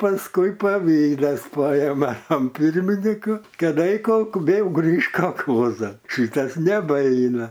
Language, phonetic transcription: Lithuanian, pasˈkui paˈvydas ˈpajeme am ˈpirminyku kaˈda i kal vėl ˈgrįžk kalˈkozan ˈšɨtas neˈbaina

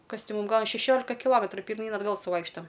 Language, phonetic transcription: Lithuanian, ˈkas ˈti ˈmūm ˈgal a šeˈšiolika kiˈlometru pirˈmyn atˈgal suˈvaikštam

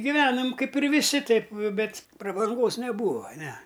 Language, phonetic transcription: Lithuanian, giˈvenom ˈkaip ir viˈsi ˈtaip ˈbet' prabanˈgos neˈbūa ˈne

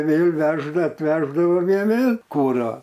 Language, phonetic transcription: Lithuanian, ˈvėl ˈvežda atˈveždava ˈjie ˈvėl' ˈkurą

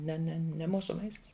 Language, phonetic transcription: Lithuanian, ˈne ˈne ne ˈmūsu ˈmaists

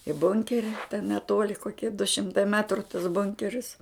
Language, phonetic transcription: Lithuanian, i ˈbunkeri ten neˈtuoli koˈkie du ˈšimtai ˈmetru tas ˈbunkeris

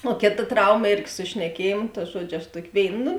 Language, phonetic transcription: Lithuanian, o ˈkėˌta ˈtrauma ˈėrgi su šneˈkiejėmu ta ˈžuodžiu aš ˈtuoki ˈvėin nu

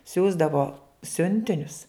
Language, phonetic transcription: Lithuanian, ˈsiųsdavo ˈsiuntinius

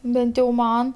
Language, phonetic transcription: Lithuanian, ˈbent jau ˈman

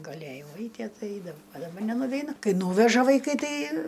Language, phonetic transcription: Lithuanian, gaˈlėjau ˈaitie ˈtai ˈaidavau a daˈba nenuveiˈnu ˈkai ˈnūveža vaiˈkai ˈtai

